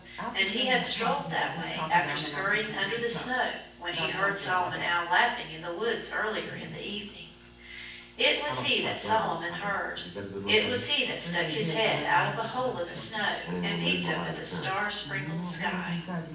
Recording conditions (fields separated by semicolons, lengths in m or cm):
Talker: one person; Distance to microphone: 9.8 m; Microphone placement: far; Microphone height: 1.8 m; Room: large; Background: television